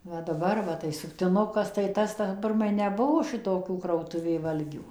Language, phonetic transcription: Lithuanian, ˈva daˈbar va tai suktiˈnukas tai ˈtas ta ˈpirmai neˈbuvo ˈšitokių krautuˈvė ˈvalgių

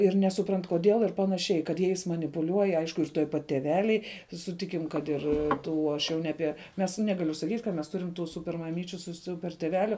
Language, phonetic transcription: Lithuanian, ir nesuˈprant koˈdėl ir panaˈšiai kad ˈjais manipuˈliuoj ˈaišku ir tuoj pat teˈveliai suˈtikim kad ˈir ˈtų ˈaš jau ne ˈapie mes ˈnegaliu saˈkyt' kad mes ˈturim tų ˈsuper maˈmyčiu su ˈsuper tėˈveliu

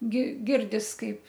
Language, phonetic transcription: Lithuanian, gi ˈgirdis ˈkaip

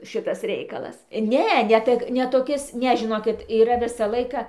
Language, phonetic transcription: Lithuanian, ˈšitas ˈreikalas ˈne ne ˈtək ne toˈkis ˈne žiˈnokit yˈra ˈvisa ˈlaika

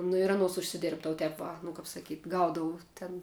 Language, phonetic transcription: Lithuanian, nu ir aˈnuos užsiˈdėrbdavu ˈtep va nu kap saˈkyt' ˈgaudavu ten

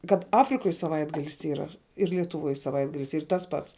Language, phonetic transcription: Lithuanian, kad ˈafrikoj saˈvaitgalis ˈyra ir lietuˈvuoj saˈvaitgalis ˈyr ˈtas pats

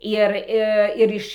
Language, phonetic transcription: Lithuanian, ˈir i ˈir iš

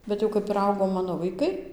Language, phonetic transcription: Lithuanian, ˌbet jau ˈkap ir ˈaugo ˈmano vaiˈkai

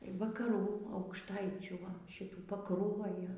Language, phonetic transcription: Lithuanian, vakaˈrų aukšˈtaičių ˈva šiˈtų pakˈruojo

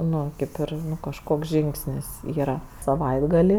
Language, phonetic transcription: Lithuanian, ˈnu ˈkėp ir kažˈkoks ˈžingsnis ˈyra saˈvaitgali

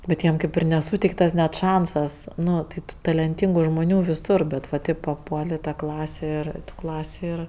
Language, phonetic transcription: Lithuanian, bet ˈjiem ˈkaip ir neˈsūteiktas net ˈšansas ˈnu tai ˈtų talenˈtyngu žmuˈnių viˈsur ˈbet va ˈtaip paˈpuol' i ta ˈklasė ˈir ˈklasė ir

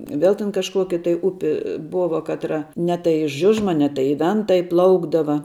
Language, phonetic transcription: Lithuanian, ˈvel ten kažˈkuoki tai ˈupi ˈbova ˈkatra ne tai i ˈžiužma ne tai i ˈventa iˈplaukdava

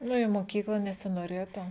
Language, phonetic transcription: Lithuanian, ˈnu i moˈkykla nesinoˈrėtu

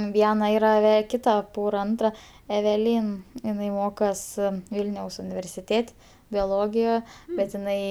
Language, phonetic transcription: Lithuanian, ˈviena ˈyra ve ˈkita ˈpora ˈantra eveˈlyn iˈnai ˈmokos ˈvylniaus universiˈtėt' bioˈlogija bet iˈnai

